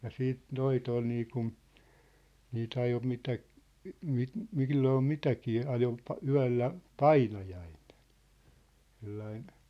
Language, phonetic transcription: Finnish, ja 'siit "noit ‿ol niikun , nii't ‿ajo 'mitä , 'mi- , 'milloo "mitäkii 'ajo , pa- 'yä̭llä , "painajaiɴᴇɴ , sellain ,.
- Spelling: ja sitten noita oli niin kuin niitä ajoi mitä - milloin mitäkin ajoi - yöllä painajainen sellainen

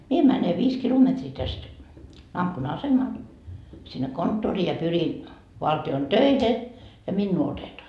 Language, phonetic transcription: Finnish, 'mie mäne 'viis 'kilometrii täst , - asemal , sinne 'konttorii ja 'pyrin , valti₍on "töihe , ja "minnuu 'otetoa .
- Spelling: minä menen viisi kilometriä tästä asemalle sinne konttoriin ja pyrin valtion töihin ja minua otetaan

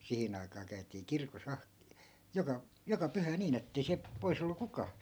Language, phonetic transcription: Finnish, 'sihin ‿ai̮kaa käy̬tii "kirko's ‿ah- , 'joka , 'joka 'pyhä 'niin ‿ettei siäp , 'pois ‿ollu 'kukaa .
- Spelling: siihen aikaan käytiin kirkossa - joka joka pyhä niin että ei sieltä pois ollut kukaan

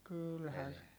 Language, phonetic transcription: Finnish, kyylhä ,.
- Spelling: kyllähän

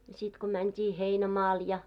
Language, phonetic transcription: Finnish, ja sit ko 'mänt́i "heinämaal ja ,.
- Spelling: ja sitten kun mentiin heinämaalle ja

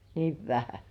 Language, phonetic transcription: Finnish, niiv 'vähä .
- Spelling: niin vähän

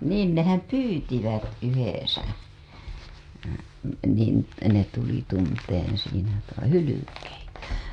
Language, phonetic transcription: Finnish, niin nehäm "pyytivät 'yhesä , niin , ne tuli tun-teen̬ siinä toi-[sensa] , "hylykeitä .
- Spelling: niin ne pyysivät yhdessä niin ne tuli tuntemaan siinä toisensa hylkeitä

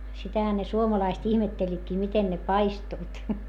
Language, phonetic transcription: Finnish, sitähä ne suomalaist ihmetteĺĺitkii miten ne paistuit .
- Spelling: sitähän ne suomalaiset ihmettelivätkin miten ne paistuivat

